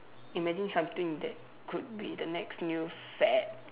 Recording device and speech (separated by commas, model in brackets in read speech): telephone, conversation in separate rooms